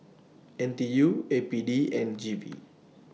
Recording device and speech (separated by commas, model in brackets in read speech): mobile phone (iPhone 6), read sentence